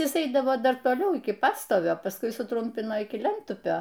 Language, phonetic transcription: Lithuanian, ˈjis ˈeidavo ˈdar toˈliau iki ˈpastovio pasˈkui suˈtrumpino iki ˈlentupio

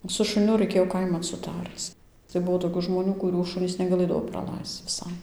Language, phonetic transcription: Lithuanian, su šuˈniu raiˈkėjo ˈkaiman suˈtarc tai ˈbuvo toˈkių žmoˈnių kuˈrių ˈšunys negaˈlɘdavo praˈlaisc viˈsai

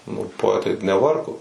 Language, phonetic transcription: Lithuanian, nu poˈetai neˈvargo

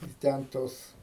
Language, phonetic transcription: Lithuanian, i ˈten ˈtos

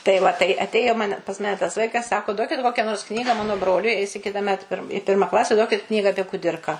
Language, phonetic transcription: Lithuanian, tai ˈva tai atˈėjo ˈmane pas ˈmane tas ˈvaikas ˈsako ˈduokit ˈkokia nors ˈknyga ˈmano ˈbroliui eis i kitaˈmet pir ˈpirma ˈklase ˈduokit ˈknyga apie kuˈdirką

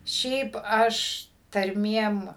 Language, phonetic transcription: Lithuanian, ˈšiaip ˈaš tarˈmiem

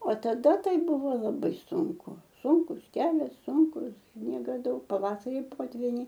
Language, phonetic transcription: Lithuanian, o taˈda ˈtai ˈbuvo laˈbai ˈsunku ˈsunkus ˈkelias ˈsunkus ˈsniega ˈdaug paˈvasari ˈpotviniai

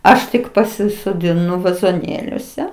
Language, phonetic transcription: Lithuanian, ˈaš tik pasisodiˈnu vazoˈnėliuose

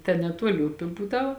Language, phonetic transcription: Lithuanian, ten neˈtuoli ˈupi ˈbūˌdau

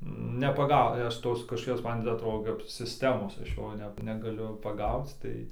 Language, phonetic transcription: Lithuanian, nepaˈgau i ˈaš ˈtos kažkoˈkios ˈman ti atˈrodo kap sisˈtemos ˈaš ˈjo ˈne negaˈliu paˈgauc ˈtai

